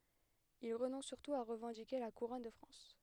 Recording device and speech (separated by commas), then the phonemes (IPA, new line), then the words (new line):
headset microphone, read sentence
il ʁənɔ̃s syʁtu a ʁəvɑ̃dike la kuʁɔn də fʁɑ̃s
Il renonce surtout à revendiquer la couronne de France.